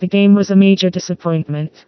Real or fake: fake